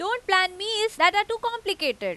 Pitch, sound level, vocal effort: 400 Hz, 95 dB SPL, very loud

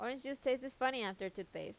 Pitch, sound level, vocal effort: 255 Hz, 86 dB SPL, normal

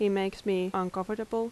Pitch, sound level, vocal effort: 195 Hz, 82 dB SPL, normal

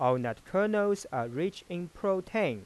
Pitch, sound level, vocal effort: 185 Hz, 91 dB SPL, normal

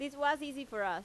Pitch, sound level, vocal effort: 280 Hz, 92 dB SPL, loud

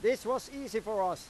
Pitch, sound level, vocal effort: 235 Hz, 101 dB SPL, very loud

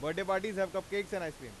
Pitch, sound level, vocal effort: 190 Hz, 98 dB SPL, loud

